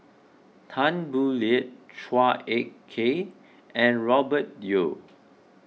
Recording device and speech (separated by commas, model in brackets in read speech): mobile phone (iPhone 6), read sentence